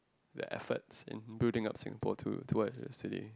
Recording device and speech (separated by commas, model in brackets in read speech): close-talking microphone, conversation in the same room